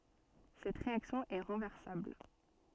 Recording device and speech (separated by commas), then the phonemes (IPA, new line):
soft in-ear microphone, read sentence
sɛt ʁeaksjɔ̃ ɛ ʁɑ̃vɛʁsabl